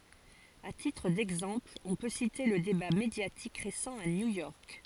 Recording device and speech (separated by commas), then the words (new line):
forehead accelerometer, read sentence
À titre d’exemple, on peut citer le débat médiatique récent à New York.